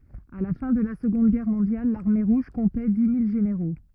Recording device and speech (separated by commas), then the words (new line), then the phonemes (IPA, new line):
rigid in-ear microphone, read sentence
À la fin de la Seconde Guerre mondiale, l'Armée Rouge comptait dix mille généraux.
a la fɛ̃ də la səɡɔ̃d ɡɛʁ mɔ̃djal laʁme ʁuʒ kɔ̃tɛ di mil ʒeneʁo